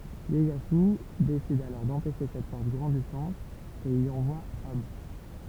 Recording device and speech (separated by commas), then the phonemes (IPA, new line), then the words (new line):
temple vibration pickup, read sentence
jɛjazy desid alɔʁ dɑ̃pɛʃe sɛt fɔʁs ɡʁɑ̃disɑ̃t e i ɑ̃vwa ɔm
Ieyasu décide alors d'empêcher cette force grandissante, et y envoie hommes.